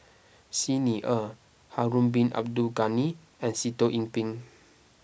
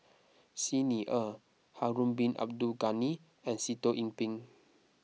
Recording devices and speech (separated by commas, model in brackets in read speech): boundary microphone (BM630), mobile phone (iPhone 6), read sentence